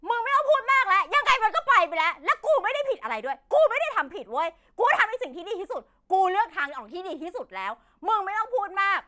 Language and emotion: Thai, angry